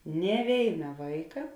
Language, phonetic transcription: Lithuanian, nė ˈvėina ˈvaika

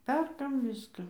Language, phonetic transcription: Lithuanian, ˈperkam ˈviską

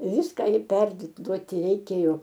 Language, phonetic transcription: Lithuanian, ˈviska ir ˈperduoti reiˈkėjo

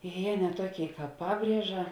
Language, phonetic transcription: Lithuanian, jė ne ˈtuoˌkėi ˈkāp ˈpabrieža

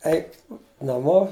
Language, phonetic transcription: Lithuanian, ˈeik naˈmo

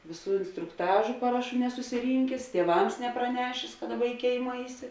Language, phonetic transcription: Lithuanian, ˈvėˌsų instrukˈtažu ˈparaˌšų nesusiˈrynkės tieˈvams nepraˈnešės ka ˈdaˌba i ˈkėima ˈaiˌsi

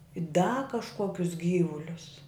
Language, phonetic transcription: Lithuanian, i da kažˈkuokius ˈgyvulius

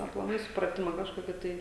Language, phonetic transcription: Lithuanian, aplaˈmai supraˈtima kažˈkoki ˈtai

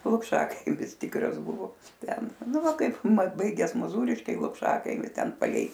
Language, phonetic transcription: Lithuanian, lukˈšakaimis ˈtykras ˈbuvo ˈten ˈnu ˈva kaipˈmat ˈbaigias moˈzūriškiai lukˈšakaimi ˈten paˈlei

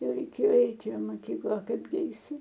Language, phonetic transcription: Lithuanian, ˈjau reiˈkėjo ˈeiti i maˈkykla a ˈkaipgi aiˈsi

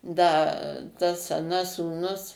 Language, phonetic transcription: Lithuanian, ˈda tas aˈnas sūˈnus

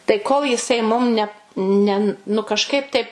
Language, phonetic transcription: Lithuanian, tai kol jiˈsai mum ne ˈne nu kažˈkaip taip

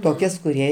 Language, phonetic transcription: Lithuanian, toˈkias kuˈrie

